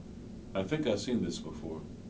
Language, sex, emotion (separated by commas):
English, male, neutral